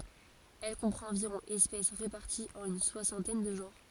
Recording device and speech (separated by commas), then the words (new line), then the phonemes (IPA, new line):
forehead accelerometer, read sentence
Elle comprend environ espèces réparties en une soixantaine de genres.
ɛl kɔ̃pʁɑ̃t ɑ̃viʁɔ̃ ɛspɛs ʁepaʁtiz ɑ̃n yn swasɑ̃tɛn də ʒɑ̃ʁ